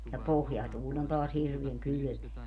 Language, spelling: Finnish, ja pohjatuuli on taas hirveän kylmää
- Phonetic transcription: ja "pohjatuuĺ ‿on toas 'hirviäŋ "kylʸmeä .

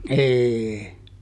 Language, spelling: Finnish, ei
- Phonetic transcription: "ehee .

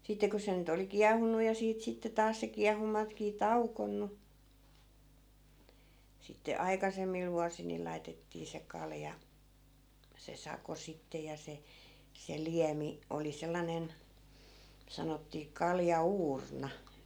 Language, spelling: Finnish, sitten kun se nyt oli kiehunut ja siitä sitten taas se kiehuntakin tauonnut sitten aikaisemmilla vuosilla niin laitettiin se kalja se sako sitten ja se se liemi oli sellainen sanottiin kaljauurna
- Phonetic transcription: 'sitte ko se nyt ‿oli "kiah̀unnu ja 'siit sitte 'taas se 'kiahunnatkii "taukonnu , sitte 'aikasemmil vuasil ni 'laitettii se 'kalja , se 'sako sitte ja 'se , 'se "liämi , oli 'sellanen , 'sanottii 'kalja₍'uurna .

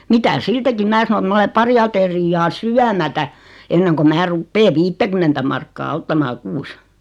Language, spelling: Finnish, mitä siitäkin minä sanoin että minä olen pari ateriaa syömättä ennen kuin minä rupean viittäkymmentä markkaa ottamaan kuussa
- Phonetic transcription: 'mitä "siitäkim 'mää sano et 'ma ole 'pari aterijjaa "syämätä , enneŋko 'mää 'ruppee "viittäkymmentä markkaa 'ottamaa 'kuus .

